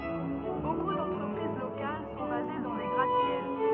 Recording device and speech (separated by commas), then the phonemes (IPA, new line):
rigid in-ear microphone, read sentence
boku dɑ̃tʁəpʁiz lokal sɔ̃ baze dɑ̃ de ɡʁat sjɛl